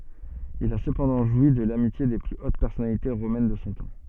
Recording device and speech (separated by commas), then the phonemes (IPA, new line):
soft in-ear microphone, read sentence
il a səpɑ̃dɑ̃ ʒwi də lamitje de ply ot pɛʁsɔnalite ʁomɛn də sɔ̃ tɑ̃